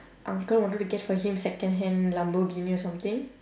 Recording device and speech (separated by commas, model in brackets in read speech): standing microphone, conversation in separate rooms